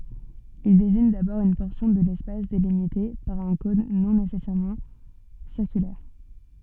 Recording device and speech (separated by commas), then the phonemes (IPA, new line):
soft in-ear microphone, read sentence
il deziɲ dabɔʁ yn pɔʁsjɔ̃ də lɛspas delimite paʁ œ̃ kɔ̃n nɔ̃ nesɛsɛʁmɑ̃ siʁkylɛʁ